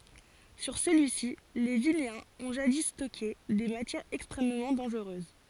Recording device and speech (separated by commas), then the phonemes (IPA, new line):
forehead accelerometer, read sentence
syʁ səlyi si le vineɛ̃z ɔ̃ ʒadi stɔke de matjɛʁz ɛkstʁɛmmɑ̃ dɑ̃ʒʁøz